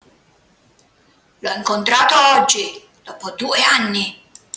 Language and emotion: Italian, angry